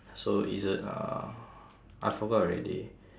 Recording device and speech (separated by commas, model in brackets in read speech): standing microphone, conversation in separate rooms